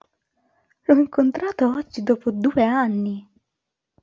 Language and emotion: Italian, surprised